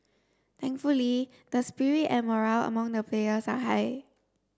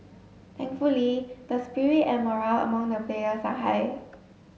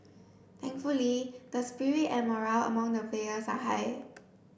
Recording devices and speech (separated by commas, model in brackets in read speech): standing microphone (AKG C214), mobile phone (Samsung S8), boundary microphone (BM630), read sentence